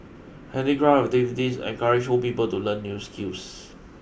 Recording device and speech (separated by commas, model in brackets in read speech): boundary microphone (BM630), read sentence